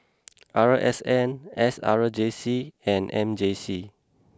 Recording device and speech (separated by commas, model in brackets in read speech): close-talking microphone (WH20), read sentence